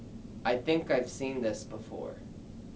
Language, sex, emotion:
English
male
neutral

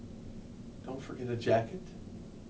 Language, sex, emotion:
English
male
neutral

